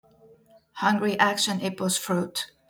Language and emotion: English, neutral